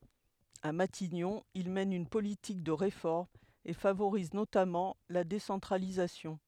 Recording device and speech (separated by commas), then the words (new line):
headset microphone, read sentence
À Matignon, il mène une politique de réformes et favorise notamment la décentralisation.